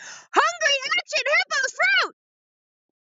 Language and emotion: English, happy